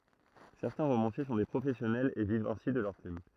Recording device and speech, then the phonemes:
throat microphone, read sentence
sɛʁtɛ̃ ʁomɑ̃sje sɔ̃ de pʁofɛsjɔnɛlz e vivt ɛ̃si də lœʁ plym

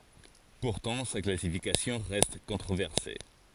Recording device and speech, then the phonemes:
forehead accelerometer, read sentence
puʁtɑ̃ sa klasifikasjɔ̃ ʁɛst kɔ̃tʁovɛʁse

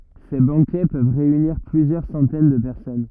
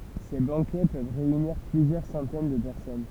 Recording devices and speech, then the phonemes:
rigid in-ear microphone, temple vibration pickup, read sentence
se bɑ̃kɛ pøv ʁeyniʁ plyzjœʁ sɑ̃tɛn də pɛʁsɔn

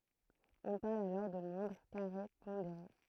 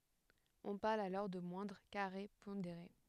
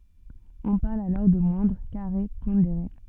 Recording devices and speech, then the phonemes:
throat microphone, headset microphone, soft in-ear microphone, read sentence
ɔ̃ paʁl alɔʁ də mwɛ̃dʁ kaʁe pɔ̃deʁe

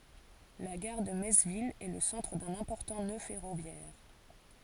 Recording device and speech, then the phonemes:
forehead accelerometer, read sentence
la ɡaʁ də mɛts vil ɛ lə sɑ̃tʁ dœ̃n ɛ̃pɔʁtɑ̃ nø fɛʁovjɛʁ

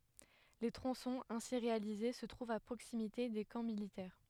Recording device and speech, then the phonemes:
headset microphone, read sentence
le tʁɔ̃sɔ̃z ɛ̃si ʁealize sə tʁuvt a pʁoksimite de kɑ̃ militɛʁ

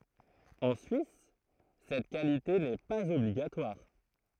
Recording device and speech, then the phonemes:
throat microphone, read sentence
ɑ̃ syis sɛt kalite nɛ paz ɔbliɡatwaʁ

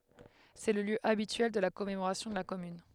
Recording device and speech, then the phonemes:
headset microphone, read sentence
sɛ lə ljø abityɛl də la kɔmemoʁasjɔ̃ də la kɔmyn

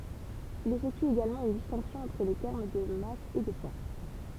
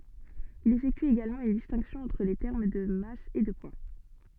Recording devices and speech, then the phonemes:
temple vibration pickup, soft in-ear microphone, read sentence
il efɛkty eɡalmɑ̃ yn distɛ̃ksjɔ̃ ɑ̃tʁ le tɛʁm də mas e də pwa

